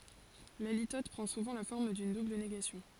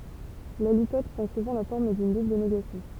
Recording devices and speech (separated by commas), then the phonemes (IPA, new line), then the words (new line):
forehead accelerometer, temple vibration pickup, read sentence
la litɔt pʁɑ̃ suvɑ̃ la fɔʁm dyn dubl neɡasjɔ̃
La litote prend souvent la forme d'une double négation.